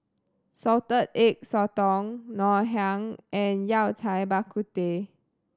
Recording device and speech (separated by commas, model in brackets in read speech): standing microphone (AKG C214), read sentence